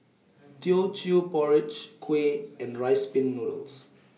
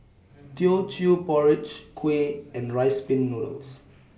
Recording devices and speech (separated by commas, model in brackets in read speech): mobile phone (iPhone 6), boundary microphone (BM630), read sentence